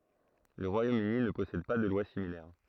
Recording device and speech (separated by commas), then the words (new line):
throat microphone, read sentence
Le Royaume-Uni ne possède pas de loi similaire.